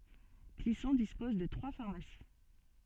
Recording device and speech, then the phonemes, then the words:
soft in-ear microphone, read sentence
klisɔ̃ dispɔz də tʁwa faʁmasi
Clisson dispose de trois pharmacies.

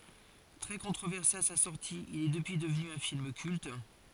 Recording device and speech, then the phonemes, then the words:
forehead accelerometer, read sentence
tʁɛ kɔ̃tʁovɛʁse a sa sɔʁti il ɛ dəpyi dəvny œ̃ film kylt
Très controversé à sa sortie, il est depuis devenu un film culte.

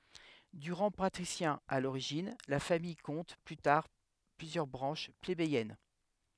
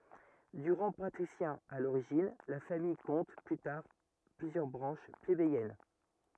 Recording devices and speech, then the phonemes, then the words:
headset microphone, rigid in-ear microphone, read sentence
də ʁɑ̃ patʁisjɛ̃ a loʁiʒin la famij kɔ̃t ply taʁ plyzjœʁ bʁɑ̃ʃ plebejɛn
De rang patricien à l'origine, la famille compte plus tard plusieurs branches plébéiennes.

